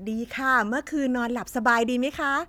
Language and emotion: Thai, happy